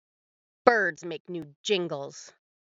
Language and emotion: English, angry